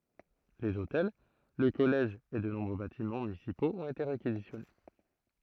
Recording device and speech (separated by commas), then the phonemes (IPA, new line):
throat microphone, read sentence
lez otɛl lə kɔlɛʒ e də nɔ̃bʁø batimɑ̃ mynisipoz ɔ̃t ete ʁekizisjɔne